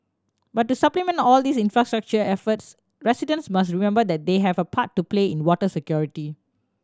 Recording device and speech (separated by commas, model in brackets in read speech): standing microphone (AKG C214), read sentence